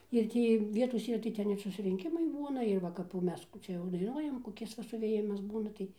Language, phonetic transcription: Lithuanian, ir ˈtį ˈvietos ˈyra tai ˈten ir susrinˈkimai ˈbūna ir ˈva kap jau ˈmes ˈkų čia jau daiˈnuojam koˈkis va suvėˈjimas ˈbūna tai

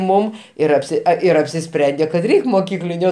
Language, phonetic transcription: Lithuanian, ˈmum ˈir apˈsi ir apsiˈsprendė kad ˈreik' moˈkykliniu

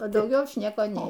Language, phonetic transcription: Lithuanian, a dauˈgiau ˈaš ˈnieko ˈnei

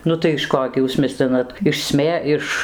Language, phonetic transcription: Lithuanian, ˈnu tai iš ˈko gi ˈjūs ˈmislinat iš ˈsmė iš

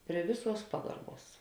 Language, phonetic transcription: Lithuanian, prie ˈviˌsuos ˈpagarˌbuos

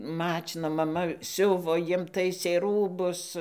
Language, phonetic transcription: Lithuanian, ˈmačina maˈma ˈsiuvo ˈjiem ˈtaisė ˈrūbus

